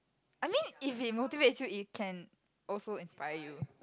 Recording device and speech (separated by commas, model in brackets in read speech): close-talking microphone, conversation in the same room